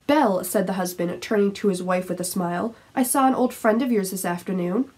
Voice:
rude-sounding voice